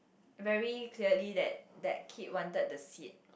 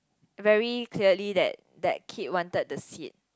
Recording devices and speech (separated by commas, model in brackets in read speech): boundary microphone, close-talking microphone, conversation in the same room